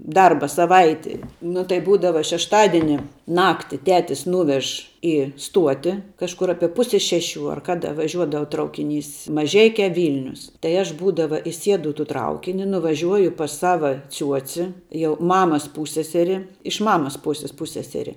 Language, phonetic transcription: Lithuanian, ˈdarba saˈvaiti nu tai ˈbūdava šešˈtadieni ˈnakti ˈtetis ˈnūvež i ˈstuoti kažˈkur ˈapie ˈpuse ˈšeˌšių ar ˈkada vaˈžiuodava ˈtraukiˌnys maˈžeikia ˈvylnius tai ˈaš ˈbūdava iˈsiedu i tų ˈtraukini nuvaˈžiuoju pas ˈsava ˈciuoci jau ˈmamas ˈpūsseseri iš ˈmamas ˈpūsis ˈpusseseri

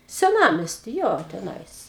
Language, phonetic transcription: Lithuanian, seˈnamesty ˈjo teˈnais

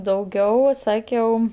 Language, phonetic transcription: Lithuanian, dauˈgiau ˈsakiau

